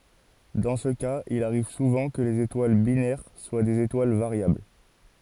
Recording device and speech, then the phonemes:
forehead accelerometer, read sentence
dɑ̃ sə kaz il aʁiv suvɑ̃ kə lez etwal binɛʁ swa dez etwal vaʁjabl

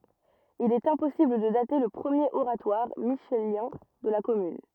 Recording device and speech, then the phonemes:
rigid in-ear microphone, read sentence
il ɛt ɛ̃pɔsibl də date lə pʁəmjeʁ oʁatwaʁ miʃeljɛ̃ də la kɔmyn

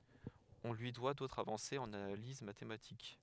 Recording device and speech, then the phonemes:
headset microphone, read sentence
ɔ̃ lyi dwa dotʁz avɑ̃sez ɑ̃n analiz matematik

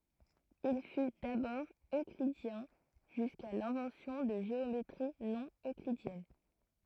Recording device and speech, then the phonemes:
throat microphone, read sentence
il fy dabɔʁ øklidjɛ̃ ʒyska lɛ̃vɑ̃sjɔ̃ də ʒeometʁi nonøklidjɛn

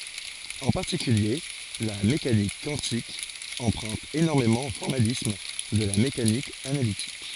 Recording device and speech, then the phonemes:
forehead accelerometer, read sentence
ɑ̃ paʁtikylje la mekanik kwɑ̃tik ɑ̃pʁœ̃t enɔʁmemɑ̃ o fɔʁmalism də la mekanik analitik

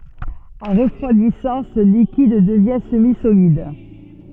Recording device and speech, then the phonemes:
soft in-ear microphone, read sentence
ɑ̃ ʁəfʁwadisɑ̃ sə likid dəvjɛ̃ səmizolid

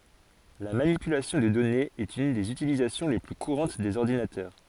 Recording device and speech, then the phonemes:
forehead accelerometer, read sentence
la manipylasjɔ̃ də dɔnez ɛt yn dez ytilizasjɔ̃ le ply kuʁɑ̃t dez ɔʁdinatœʁ

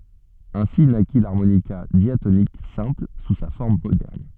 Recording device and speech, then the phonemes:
soft in-ear microphone, read sentence
ɛ̃si naki laʁmonika djatonik sɛ̃pl su sa fɔʁm modɛʁn

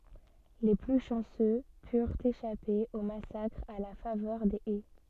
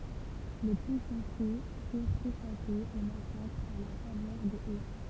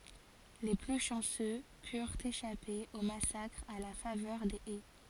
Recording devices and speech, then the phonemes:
soft in-ear microphone, temple vibration pickup, forehead accelerometer, read sentence
le ply ʃɑ̃sø pyʁt eʃape o masakʁ a la favœʁ de ɛ

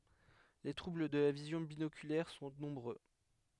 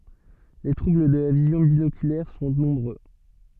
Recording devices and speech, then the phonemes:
headset microphone, soft in-ear microphone, read sentence
le tʁubl də la vizjɔ̃ binokylɛʁ sɔ̃ nɔ̃bʁø

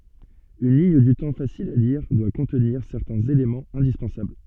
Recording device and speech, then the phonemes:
soft in-ear microphone, read sentence
yn liɲ dy tɑ̃ fasil a liʁ dwa kɔ̃tniʁ sɛʁtɛ̃z elemɑ̃z ɛ̃dispɑ̃sabl

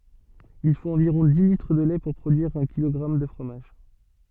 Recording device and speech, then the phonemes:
soft in-ear microphone, read sentence
il fot ɑ̃viʁɔ̃ di litʁ də lɛ puʁ pʁodyiʁ œ̃ kilɔɡʁam də fʁomaʒ

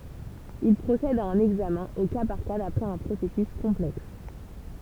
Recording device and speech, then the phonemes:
temple vibration pickup, read sentence
il pʁosɛd a œ̃n ɛɡzamɛ̃ o ka paʁ ka dapʁɛz œ̃ pʁosɛsys kɔ̃plɛks

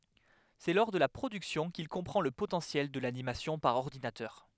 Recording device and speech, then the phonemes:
headset microphone, read sentence
sɛ lɔʁ də la pʁodyksjɔ̃ kil kɔ̃pʁɑ̃ lə potɑ̃sjɛl də lanimasjɔ̃ paʁ ɔʁdinatœʁ

